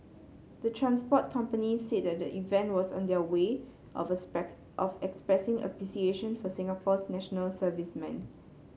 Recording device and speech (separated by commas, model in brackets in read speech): mobile phone (Samsung C7), read sentence